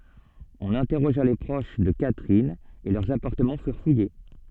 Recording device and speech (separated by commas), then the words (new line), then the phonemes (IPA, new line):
soft in-ear microphone, read sentence
On interrogea les proches de Catherine, et leurs appartements furent fouillés.
ɔ̃n ɛ̃tɛʁoʒa le pʁoʃ də katʁin e lœʁz apaʁtəmɑ̃ fyʁ fuje